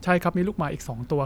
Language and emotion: Thai, neutral